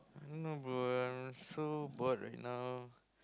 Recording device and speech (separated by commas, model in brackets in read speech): close-talking microphone, conversation in the same room